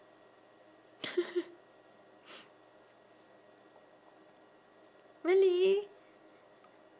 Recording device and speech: standing microphone, conversation in separate rooms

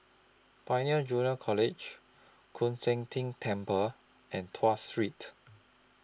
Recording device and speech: close-talking microphone (WH20), read sentence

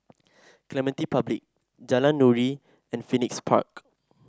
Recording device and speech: standing microphone (AKG C214), read sentence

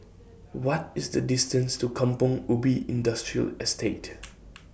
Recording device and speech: boundary microphone (BM630), read sentence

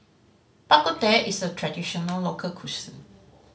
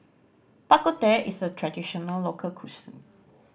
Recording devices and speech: mobile phone (Samsung C5010), boundary microphone (BM630), read sentence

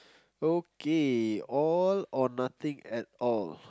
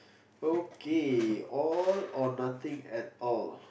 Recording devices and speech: close-talking microphone, boundary microphone, conversation in the same room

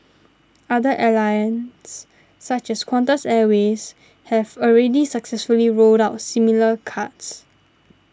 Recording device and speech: standing microphone (AKG C214), read sentence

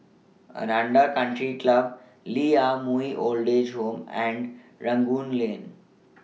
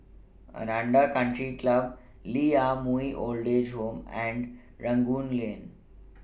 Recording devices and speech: mobile phone (iPhone 6), boundary microphone (BM630), read sentence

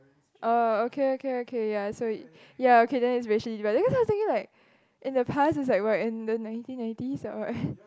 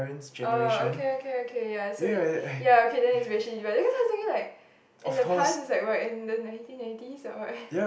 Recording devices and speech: close-talking microphone, boundary microphone, conversation in the same room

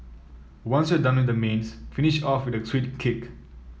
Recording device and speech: mobile phone (iPhone 7), read sentence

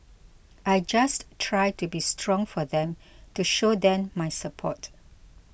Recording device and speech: boundary microphone (BM630), read sentence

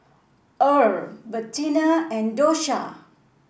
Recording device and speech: boundary microphone (BM630), read sentence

